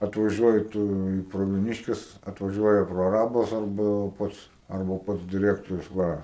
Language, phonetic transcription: Lithuanian, atvaˈžiuoji ˈtu į pravieˈniškes atvaˈžiuoja praˈrabas arˈba ˈpats arˈba ˈpats diˈrektorius ˈva

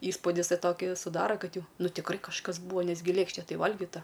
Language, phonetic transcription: Lithuanian, ˈįspūdis ˈtai ˈtokį suˈdara ˈkad ˈjau ˈnu tikˈrai kažˈkas ˈbūa ˈnes gi ˈlėkšte ˈtai ˈvalgita

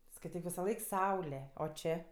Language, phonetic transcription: Lithuanian, skaiˈtyk visaˈlaik ˈsaule o ˈčė

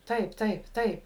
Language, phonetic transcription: Lithuanian, ˈtaip ˈtaip ˈtaip

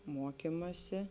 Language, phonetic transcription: Lithuanian, ˈmuokimasi

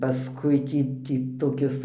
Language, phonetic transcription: Lithuanian, paˈskui ˈtį ˈtį toˈkis

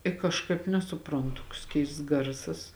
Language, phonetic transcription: Lithuanian, i kažˈkaip nesuˈprantu toks ˈkeists ˈgarsas

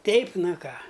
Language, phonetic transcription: Lithuanian, ˈteip ˈna ˈką

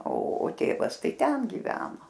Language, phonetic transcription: Lithuanian, o o ˈtėvas ˈtai ˈten giˈveno

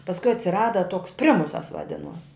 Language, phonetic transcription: Lithuanian, pasˈkui atsiˈrada toks ˈprimusas vaˈdinuos

